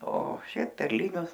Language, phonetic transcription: Lithuanian, o ˈšiaip perˈlinius

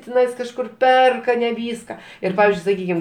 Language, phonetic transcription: Lithuanian, tiˈnais kažˈkur ˈperka ne ˈvyska ˈir ˈpavizdžiui saˈkykim

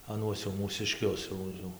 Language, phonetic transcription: Lithuanian, aˈnuos jau mūsiˈškius jau ˈjau

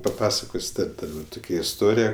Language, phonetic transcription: Lithuanian, paˈpasakos' ˈtad ˈtukia isˈtorija

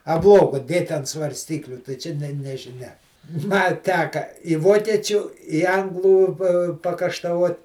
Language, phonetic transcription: Lithuanian, a ˈblogo ˈdėt' ant svarˈstykliu tai ˈčia ˈne nežiˈnia ma ˈteka i ˈvokiečiu i ˈanglų pa pakaštaˈvot

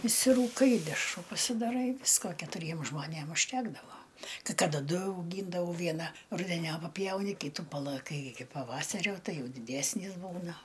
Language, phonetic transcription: Lithuanian, išsirūˈkai i dešˈrų pasidaˈrai ˈvisko ketuˈriem žmoˈnėm užˈtekdavo kai ˈkada ˈdu auˈgyndavau ˈviena rudeˈniop paˈpjauni ˈkytu palaˈkai iki paˈvasario ˈtai ˈjau diˈdesnys ˈbūna

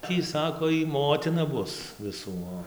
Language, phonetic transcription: Lithuanian, ˈtį ˈsako ˈjy ˈmotina ˈbus viˈsų ˈo

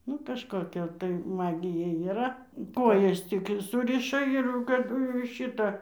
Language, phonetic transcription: Lithuanian, ˈnu kažkoˈkia tai ˈmagija yˈra ˈkojas ˈtik ˈsuriša ir jau kaˈdu jau ir ˈšita

